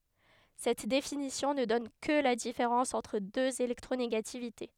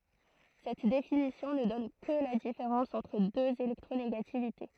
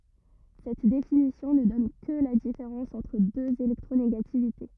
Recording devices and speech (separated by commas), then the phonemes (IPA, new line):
headset microphone, throat microphone, rigid in-ear microphone, read sentence
sɛt definisjɔ̃ nə dɔn kə la difeʁɑ̃s ɑ̃tʁ døz elɛktʁoneɡativite